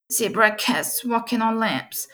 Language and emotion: English, fearful